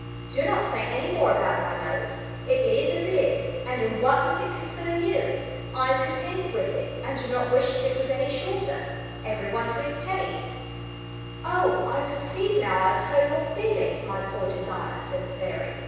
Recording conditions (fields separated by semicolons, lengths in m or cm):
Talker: one person; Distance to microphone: 7.1 m; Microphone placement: far; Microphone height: 1.7 m; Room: very reverberant, large; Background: none